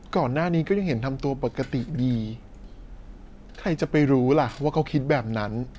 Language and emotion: Thai, frustrated